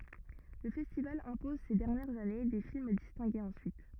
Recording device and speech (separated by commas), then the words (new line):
rigid in-ear microphone, read sentence
Le festival impose ces dernières années des films distingués ensuite.